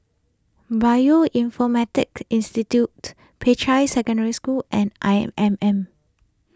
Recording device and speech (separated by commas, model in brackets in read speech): close-talking microphone (WH20), read sentence